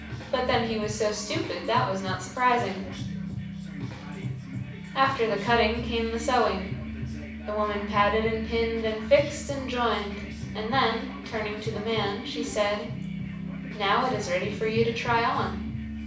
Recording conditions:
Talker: one person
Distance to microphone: 5.8 m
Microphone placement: far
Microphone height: 1.8 m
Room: medium-sized (5.7 m by 4.0 m)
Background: music

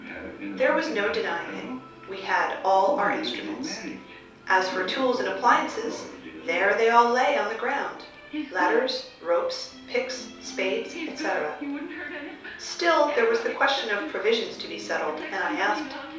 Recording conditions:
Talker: one person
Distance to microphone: 3.0 m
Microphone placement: far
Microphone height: 1.8 m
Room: small (3.7 m by 2.7 m)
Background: television

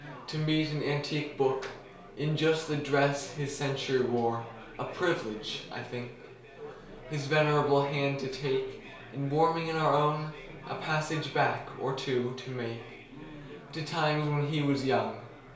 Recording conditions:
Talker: one person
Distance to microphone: 1.0 m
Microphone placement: close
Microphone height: 1.1 m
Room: small (3.7 m by 2.7 m)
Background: babble

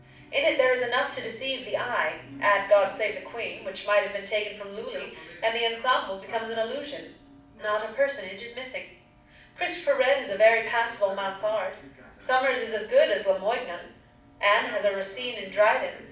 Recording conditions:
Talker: one person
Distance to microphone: 5.8 m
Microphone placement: far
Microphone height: 1.8 m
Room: medium-sized (5.7 m by 4.0 m)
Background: television

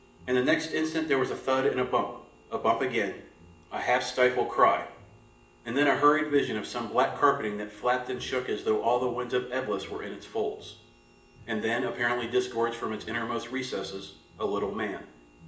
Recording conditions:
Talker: one person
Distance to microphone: 1.8 m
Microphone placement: close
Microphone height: 1.0 m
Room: large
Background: music

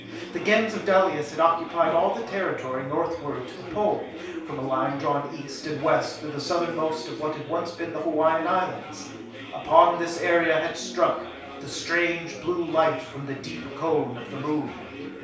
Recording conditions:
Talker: one person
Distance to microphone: 3.0 m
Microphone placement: far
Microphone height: 1.8 m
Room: small (3.7 m by 2.7 m)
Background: babble

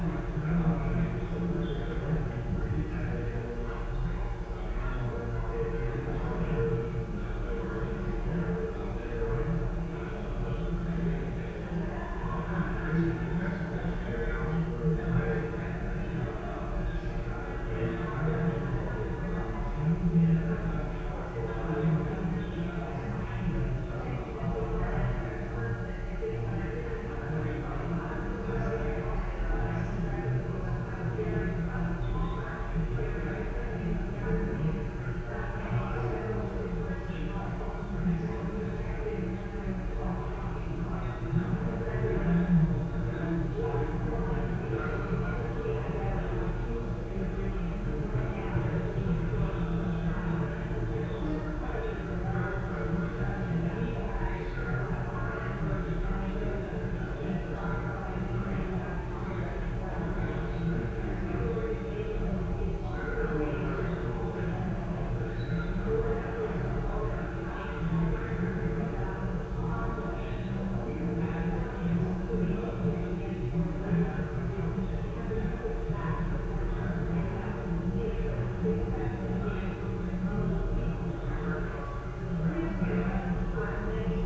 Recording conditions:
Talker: no one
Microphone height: 56 cm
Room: very reverberant, large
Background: babble

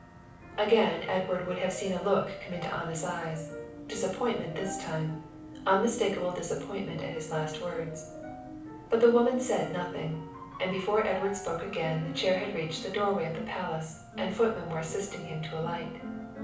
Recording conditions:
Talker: one person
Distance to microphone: 5.8 m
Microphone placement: far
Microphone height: 1.8 m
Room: medium-sized (5.7 m by 4.0 m)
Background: music

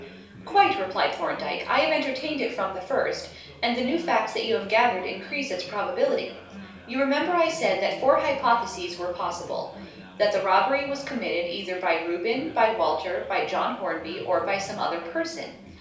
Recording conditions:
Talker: one person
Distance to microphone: 3.0 m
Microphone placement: far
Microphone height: 1.8 m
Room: small (3.7 m by 2.7 m)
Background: babble

